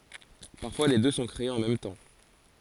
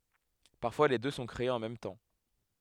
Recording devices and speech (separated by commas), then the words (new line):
forehead accelerometer, headset microphone, read sentence
Parfois les deux sont créés en même temps.